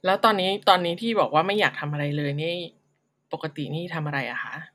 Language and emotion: Thai, neutral